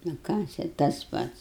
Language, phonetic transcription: Lithuanian, nu ˈką čia tas ˈpats

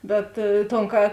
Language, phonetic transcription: Lithuanian, ˈbet ton ˈka

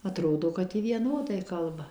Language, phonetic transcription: Lithuanian, aˈtrodo kad ˈji vieˈnodai ˈkalba

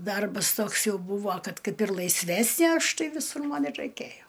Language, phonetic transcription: Lithuanian, ˈdarbas ˈtoks ˈjau ˈbūvo ˈkad ˈkaip ir laisˈvesnė ˈaš ˈtai viˈsur ˈman ir raiˈkėjo

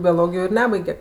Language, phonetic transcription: Lithuanian, bioˈlogijo ir ˈnebaige

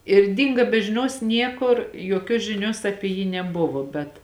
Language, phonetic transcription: Lithuanian, ir ˈdinga be žiˈnios ˈniekur joˈkios žiˈnios ˈapi jį neˈbuvo bet

